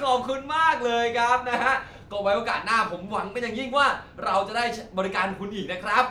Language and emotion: Thai, happy